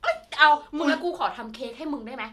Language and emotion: Thai, happy